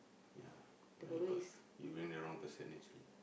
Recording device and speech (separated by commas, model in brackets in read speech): boundary microphone, conversation in the same room